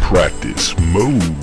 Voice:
soulful voice